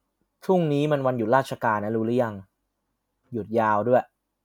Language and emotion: Thai, neutral